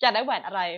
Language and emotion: Thai, happy